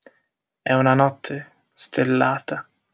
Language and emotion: Italian, sad